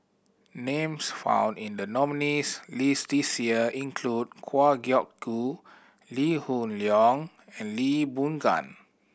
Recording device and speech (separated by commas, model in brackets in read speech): boundary microphone (BM630), read sentence